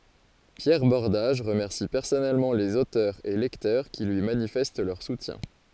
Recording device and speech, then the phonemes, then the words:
forehead accelerometer, read sentence
pjɛʁ bɔʁdaʒ ʁəmɛʁsi pɛʁsɔnɛlmɑ̃ lez otœʁz e lɛktœʁ ki lyi manifɛst lœʁ sutjɛ̃
Pierre Bordage remercie personnellement les auteurs et lecteurs qui lui manifestent leur soutien.

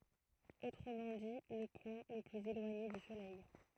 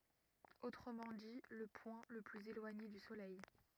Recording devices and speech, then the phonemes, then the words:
throat microphone, rigid in-ear microphone, read sentence
otʁəmɑ̃ di lə pwɛ̃ lə plyz elwaɲe dy solɛj
Autrement dit, le point le plus éloigné du Soleil.

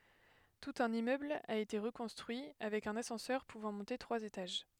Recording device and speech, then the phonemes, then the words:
headset microphone, read sentence
tut œ̃n immøbl a ete ʁəkɔ̃stʁyi avɛk œ̃n asɑ̃sœʁ puvɑ̃ mɔ̃te tʁwaz etaʒ
Tout un immeuble a été reconstruit, avec un ascenseur pouvant monter trois étages.

